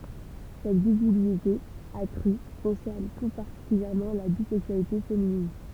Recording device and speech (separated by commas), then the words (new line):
temple vibration pickup, read sentence
Cette visibilité accrue concerne tout particulièrement la bisexualité féminine.